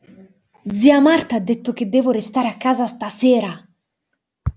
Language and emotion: Italian, angry